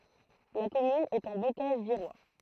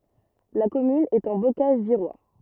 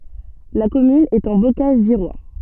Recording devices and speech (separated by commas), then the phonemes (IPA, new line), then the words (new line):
throat microphone, rigid in-ear microphone, soft in-ear microphone, read sentence
la kɔmyn ɛt ɑ̃ bokaʒ viʁwa
La commune est en Bocage virois.